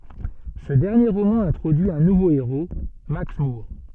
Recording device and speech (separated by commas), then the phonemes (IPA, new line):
soft in-ear microphone, read sentence
sə dɛʁnje ʁomɑ̃ ɛ̃tʁodyi œ̃ nuvo eʁo maks muʁ